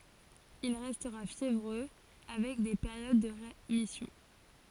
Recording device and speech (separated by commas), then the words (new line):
forehead accelerometer, read sentence
Il restera fiévreux, avec des périodes de rémission.